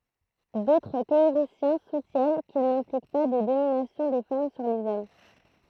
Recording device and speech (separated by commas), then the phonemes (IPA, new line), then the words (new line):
throat microphone, read sentence
dotʁ teoʁisjɛ̃ sutjɛn kil nɛ̃plik pa də dominasjɔ̃ de fam syʁ lez ɔm
D'autres théoriciens soutiennent qu'il n'implique pas de domination des femmes sur les hommes.